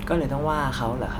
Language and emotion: Thai, frustrated